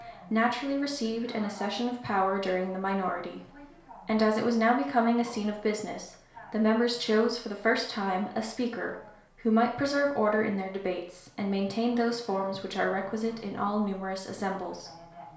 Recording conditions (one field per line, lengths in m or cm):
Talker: one person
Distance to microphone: 1.0 m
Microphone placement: close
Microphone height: 1.1 m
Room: small (3.7 m by 2.7 m)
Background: television